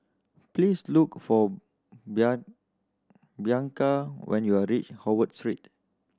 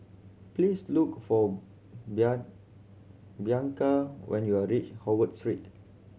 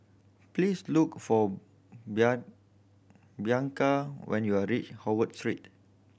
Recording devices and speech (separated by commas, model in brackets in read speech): standing microphone (AKG C214), mobile phone (Samsung C7100), boundary microphone (BM630), read sentence